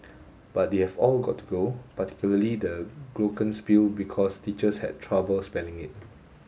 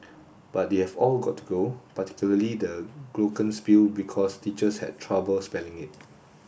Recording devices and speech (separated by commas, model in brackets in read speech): mobile phone (Samsung S8), boundary microphone (BM630), read sentence